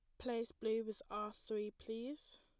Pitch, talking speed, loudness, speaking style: 225 Hz, 165 wpm, -44 LUFS, plain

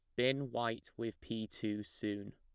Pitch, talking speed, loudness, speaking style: 115 Hz, 170 wpm, -39 LUFS, plain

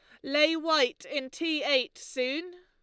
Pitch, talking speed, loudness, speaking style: 295 Hz, 150 wpm, -28 LUFS, Lombard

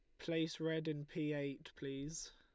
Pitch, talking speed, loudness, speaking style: 155 Hz, 170 wpm, -43 LUFS, Lombard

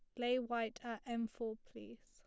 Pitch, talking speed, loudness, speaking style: 235 Hz, 195 wpm, -41 LUFS, plain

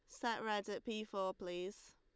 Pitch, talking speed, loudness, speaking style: 205 Hz, 205 wpm, -43 LUFS, Lombard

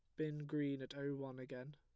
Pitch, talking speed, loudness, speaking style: 140 Hz, 230 wpm, -45 LUFS, plain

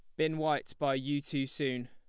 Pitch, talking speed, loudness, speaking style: 140 Hz, 215 wpm, -33 LUFS, plain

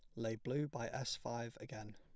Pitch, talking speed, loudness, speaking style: 115 Hz, 205 wpm, -43 LUFS, plain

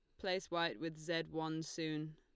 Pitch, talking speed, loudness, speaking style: 165 Hz, 185 wpm, -41 LUFS, Lombard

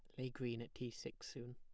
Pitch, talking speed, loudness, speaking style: 125 Hz, 270 wpm, -48 LUFS, plain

